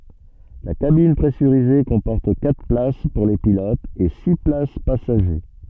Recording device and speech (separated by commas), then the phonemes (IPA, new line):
soft in-ear microphone, read sentence
la kabin pʁɛsyʁize kɔ̃pɔʁt katʁ plas puʁ le pilotz e si plas pasaʒe